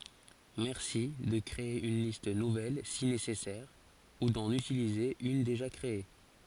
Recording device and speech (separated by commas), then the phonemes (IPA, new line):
forehead accelerometer, read sentence
mɛʁsi də kʁee yn list nuvɛl si nesɛsɛʁ u dɑ̃n ytilize yn deʒa kʁee